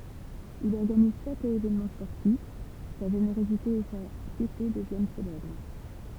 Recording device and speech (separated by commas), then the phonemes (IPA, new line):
temple vibration pickup, read sentence
il ɔʁɡaniz fɛtz e evɛnmɑ̃ spɔʁtif sa ʒeneʁozite e sa pjete dəvjɛn selɛbʁ